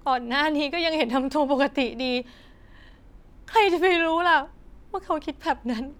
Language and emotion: Thai, sad